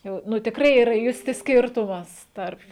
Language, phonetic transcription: Lithuanian, ˈjau ˈnu tikˈrai yˈra ˈjusti ˈskirtumas ˈtarp

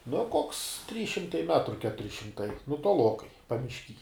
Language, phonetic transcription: Lithuanian, no koks trys šimˈtai ˈmetru ˈketuri šimˈtai nu toˈlokai pamišˈky

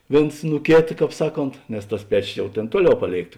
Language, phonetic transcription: Lithuanian, ˈvėns nu ˈkėta ˈkāp ˈsaˌkont nes tas ˈpečios ˈjau ˈtėn ˈtuoˌliau ˈpaˌlėikt

